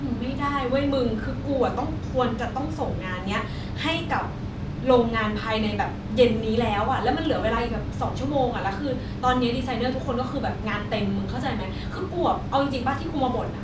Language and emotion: Thai, frustrated